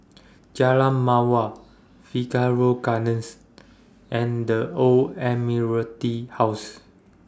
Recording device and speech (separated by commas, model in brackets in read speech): standing microphone (AKG C214), read sentence